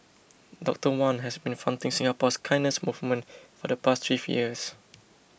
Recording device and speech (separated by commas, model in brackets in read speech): boundary microphone (BM630), read sentence